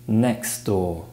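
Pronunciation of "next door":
In 'next door', the t sound at the end of 'next' is dropped.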